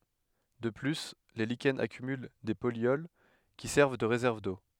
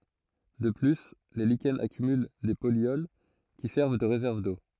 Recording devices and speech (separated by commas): headset microphone, throat microphone, read sentence